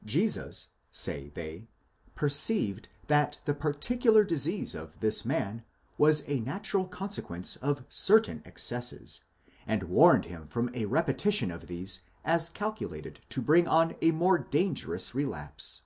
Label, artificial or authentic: authentic